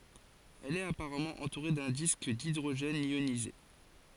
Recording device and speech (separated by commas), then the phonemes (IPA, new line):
forehead accelerometer, read sentence
ɛl ɛt apaʁamɑ̃ ɑ̃tuʁe dœ̃ disk didʁoʒɛn jonize